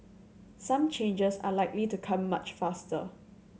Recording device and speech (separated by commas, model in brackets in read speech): mobile phone (Samsung C7100), read sentence